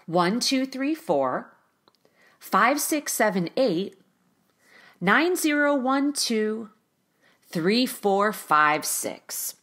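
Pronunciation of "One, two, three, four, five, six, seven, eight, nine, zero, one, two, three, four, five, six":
The pitch goes up at the end of each of the first three sets of four numbers and goes down on the last set, 'three, four, five, six'.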